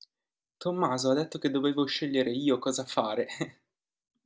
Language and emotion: Italian, happy